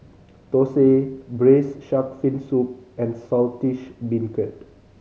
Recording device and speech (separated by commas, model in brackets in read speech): mobile phone (Samsung C5010), read sentence